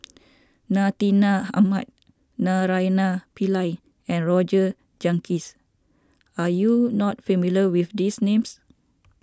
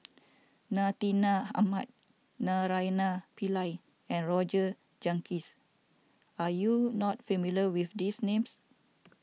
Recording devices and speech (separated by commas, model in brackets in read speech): standing microphone (AKG C214), mobile phone (iPhone 6), read sentence